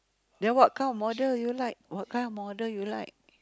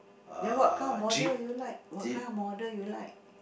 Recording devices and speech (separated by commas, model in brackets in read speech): close-talking microphone, boundary microphone, conversation in the same room